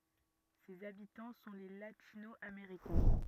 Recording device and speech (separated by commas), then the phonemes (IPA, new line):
rigid in-ear microphone, read sentence
sez abitɑ̃ sɔ̃ le latino ameʁikɛ̃